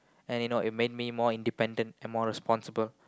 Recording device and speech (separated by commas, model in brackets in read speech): close-talking microphone, conversation in the same room